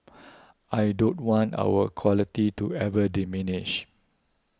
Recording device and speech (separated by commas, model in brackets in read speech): close-talking microphone (WH20), read sentence